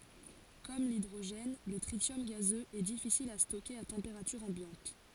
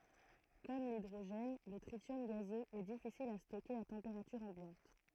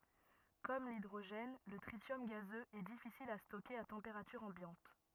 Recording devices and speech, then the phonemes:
forehead accelerometer, throat microphone, rigid in-ear microphone, read sentence
kɔm lidʁoʒɛn lə tʁisjɔm ɡazøz ɛ difisil a stokeʁ a tɑ̃peʁatyʁ ɑ̃bjɑ̃t

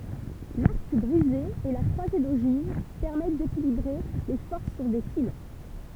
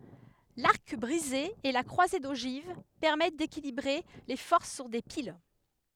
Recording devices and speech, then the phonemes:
temple vibration pickup, headset microphone, read sentence
laʁk bʁize e la kʁwaze doʒiv pɛʁmɛt dekilibʁe le fɔʁs syʁ de pil

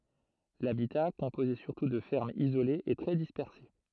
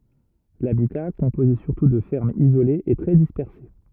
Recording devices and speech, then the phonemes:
throat microphone, rigid in-ear microphone, read sentence
labita kɔ̃poze syʁtu də fɛʁmz izolez ɛ tʁɛ dispɛʁse

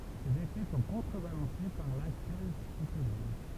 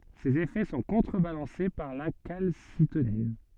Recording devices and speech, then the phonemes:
temple vibration pickup, soft in-ear microphone, read sentence
sez efɛ sɔ̃ kɔ̃tʁəbalɑ̃se paʁ la kalsitonin

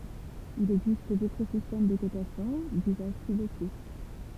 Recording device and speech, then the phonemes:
temple vibration pickup, read sentence
il ɛɡzist dotʁ sistɛm də kotasjɔ̃ dyzaʒ ply loko

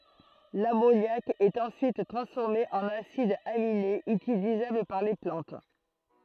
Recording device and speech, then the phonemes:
throat microphone, read sentence
lamonjak ɛt ɑ̃syit tʁɑ̃sfɔʁme ɑ̃n asidz aminez ytilizabl paʁ le plɑ̃t

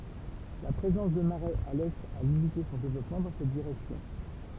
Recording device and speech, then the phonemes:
temple vibration pickup, read sentence
la pʁezɑ̃s də maʁɛz a lɛt a limite sɔ̃ devlɔpmɑ̃ dɑ̃ sɛt diʁɛksjɔ̃

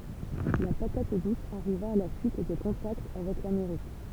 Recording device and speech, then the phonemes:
temple vibration pickup, read sentence
la patat dus aʁiva a la syit də kɔ̃takt avɛk lameʁik

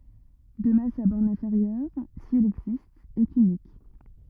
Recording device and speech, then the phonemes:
rigid in-ear microphone, read sentence
də mɛm sa bɔʁn ɛ̃feʁjœʁ si ɛl ɛɡzist ɛt ynik

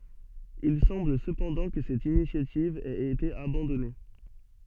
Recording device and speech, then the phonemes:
soft in-ear microphone, read sentence
il sɑ̃bl səpɑ̃dɑ̃ kə sɛt inisjativ ɛt ete abɑ̃dɔne

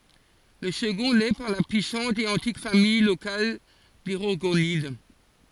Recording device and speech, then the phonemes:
forehead accelerometer, read sentence
lə səɡɔ̃ lɛ paʁ la pyisɑ̃t e ɑ̃tik famij lokal de ʁɔʁɡonid

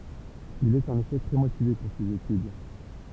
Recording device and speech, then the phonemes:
temple vibration pickup, read sentence
il ɛt ɑ̃n efɛ tʁɛ motive puʁ sez etyd

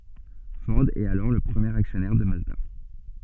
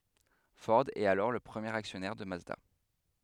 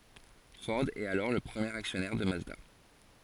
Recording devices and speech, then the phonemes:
soft in-ear microphone, headset microphone, forehead accelerometer, read sentence
fɔʁ ɛt alɔʁ lə pʁəmjeʁ aksjɔnɛʁ də mazda

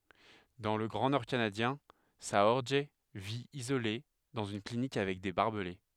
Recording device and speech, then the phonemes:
headset microphone, read sentence
dɑ̃ lə ɡʁɑ̃ nɔʁ kanadjɛ̃ saɔʁʒ vi izole dɑ̃z yn klinik avɛk de baʁbəle

